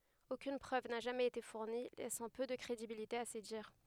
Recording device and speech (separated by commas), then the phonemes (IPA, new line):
headset microphone, read sentence
okyn pʁøv na ʒamɛz ete fuʁni lɛsɑ̃ pø də kʁedibilite a se diʁ